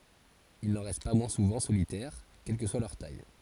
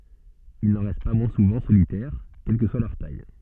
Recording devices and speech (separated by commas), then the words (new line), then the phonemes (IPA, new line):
forehead accelerometer, soft in-ear microphone, read sentence
Ils n'en restent pas moins souvent solitaires, quelle que soit leur taille.
il nɑ̃ ʁɛst pa mwɛ̃ suvɑ̃ solitɛʁ kɛl kə swa lœʁ taj